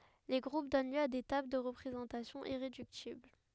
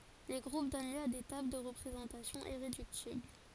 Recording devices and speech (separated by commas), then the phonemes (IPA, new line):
headset microphone, forehead accelerometer, read sentence
le ɡʁup dɔn ljø a de tabl də ʁəpʁezɑ̃tasjɔ̃ iʁedyktibl